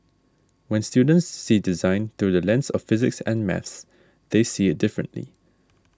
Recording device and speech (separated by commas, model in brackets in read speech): standing microphone (AKG C214), read sentence